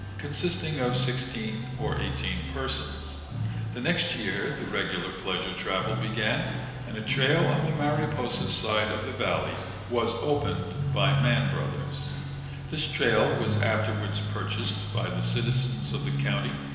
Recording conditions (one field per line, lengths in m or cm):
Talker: one person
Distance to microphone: 1.7 m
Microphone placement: close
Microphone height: 1.0 m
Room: very reverberant, large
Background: music